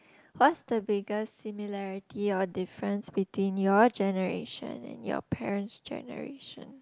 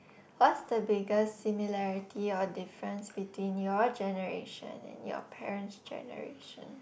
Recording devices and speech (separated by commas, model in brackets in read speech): close-talking microphone, boundary microphone, conversation in the same room